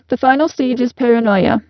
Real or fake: fake